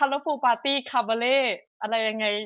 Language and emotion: Thai, happy